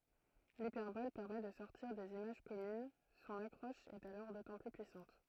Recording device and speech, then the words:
throat microphone, read sentence
L'hyperbole permet de sortir des images communes, son accroche est alors d'autant plus puissante.

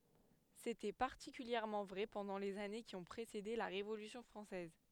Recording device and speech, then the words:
headset microphone, read sentence
C'était particulièrement vrai pendant les années qui ont précédé la Révolution française.

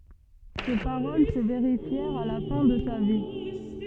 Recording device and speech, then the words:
soft in-ear microphone, read sentence
Ces paroles se vérifièrent à la fin de sa vie.

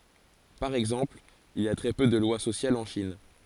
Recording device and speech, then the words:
forehead accelerometer, read sentence
Par exemple, il y a très peu de lois sociales en Chine.

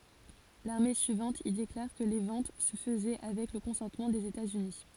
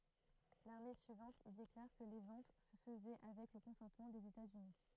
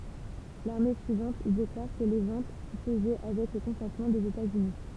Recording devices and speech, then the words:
forehead accelerometer, throat microphone, temple vibration pickup, read sentence
L'année suivante, il déclare que les ventes se faisait avec le consentement des États-Unis.

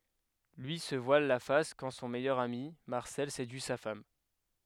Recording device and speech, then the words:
headset microphone, read sentence
Lui se voile la face quand son meilleur ami, Marcel, séduit sa femme.

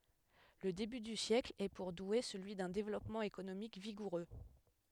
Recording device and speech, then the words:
headset microphone, read sentence
Le début du siècle est pour Douai celui d’un développement économique vigoureux.

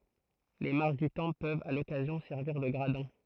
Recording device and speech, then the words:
throat microphone, read sentence
Les marches du temple peuvent, à l'occasion, servir de gradins.

